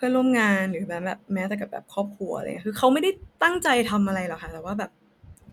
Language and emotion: Thai, neutral